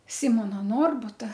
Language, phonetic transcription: Lithuanian, ˈsimona ˈnorbuta

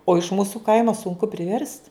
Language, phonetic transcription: Lithuanian, o iš ˈmūsu ˈkaimo sunˈku priˈverst

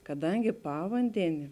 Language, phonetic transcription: Lithuanian, kaˈdangi ˈpavandeni

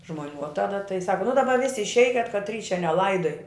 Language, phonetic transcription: Lithuanian, žmoˈnių o ˈtada tai ˈsaka nu daˈba ˈvisi išˈeikiat katˈry čia neˈlaidoj

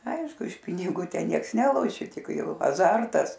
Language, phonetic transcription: Lithuanian, ˈaišku iš piniˈgų ˈten ˈnieks ˈneloši ˈtik ˈjau aˈzartas

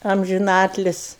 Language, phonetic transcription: Lithuanian, amžiˈnatlis'

